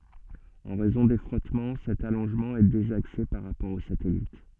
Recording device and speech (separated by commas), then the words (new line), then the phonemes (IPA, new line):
soft in-ear microphone, read sentence
En raison des frottements, cet allongement est désaxé par rapport au satellite.
ɑ̃ ʁɛzɔ̃ de fʁɔtmɑ̃ sɛt alɔ̃ʒmɑ̃ ɛ dezakse paʁ ʁapɔʁ o satɛlit